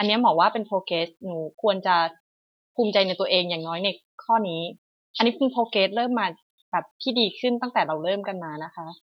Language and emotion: Thai, neutral